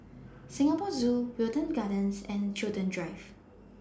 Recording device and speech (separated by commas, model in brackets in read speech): standing microphone (AKG C214), read sentence